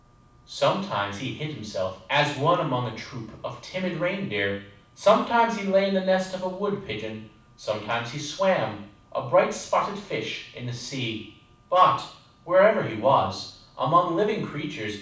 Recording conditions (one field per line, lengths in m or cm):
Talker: one person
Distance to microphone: 5.8 m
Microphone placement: far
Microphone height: 1.8 m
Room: medium-sized (5.7 m by 4.0 m)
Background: none